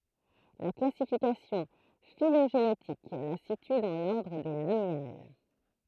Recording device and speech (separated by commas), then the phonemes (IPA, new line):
throat microphone, read sentence
la klasifikasjɔ̃ filoʒenetik la sity dɑ̃ lɔʁdʁ de lamjal